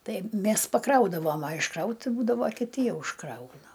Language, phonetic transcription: Lithuanian, ˈtai ˈmes paˈkraudavom a išˈkraut ˈbūdavo kiˈti ˈjau išˈkrauna

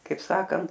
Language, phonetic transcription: Lithuanian, ˈkaip ˈsakant

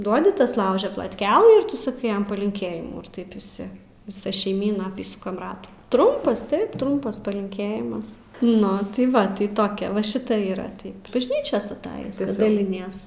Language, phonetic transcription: Lithuanian, ˈduodi ˈtas ˈlaužia platˈkelɨ ir ˈtu saˈkai ˈjam palinˈkėjimų ir ˈtaip viˈsi viˈsa šeiˈmyna aˈpysukam ˈratų ˈtrumpas ˈtaip ˈtrumpas palinˈkėjimas ˈnu tai ˈva tai ˈtokia va ˈšita ˈyra ˈtaip bažˈnyčios atˈajis daliˈnies

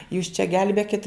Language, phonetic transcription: Lithuanian, jūs čia ˈgelbėkit

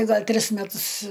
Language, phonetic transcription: Lithuanian, ˈgal' ˈtris meˈtus

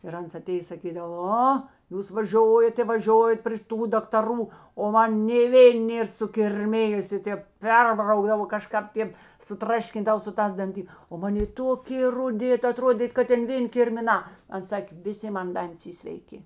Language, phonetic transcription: Lithuanian, ir ˈans aˈtėjės saˈkydav ˈo ˈjūs vaˈžiojat i vaˈžiojat pr šiˈtų daktaˈrų o ˈman nė ˈvėn ˈnėr sukirˈmijusė ˈtėp ˈperbraukdavo kaˈžkāp ˈtėp suˈtraškindav su ˈtās danˈti o ˈman ˈjė ˈtokė ruˈdi aˈtrodėt kad ˈtėn ˈvėn' kirmiˈnā ˈans ˈsakė viˈsi ˈman ˈdantis ˈy sveiˈki

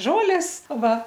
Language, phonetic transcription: Lithuanian, ˈžolės ˈva

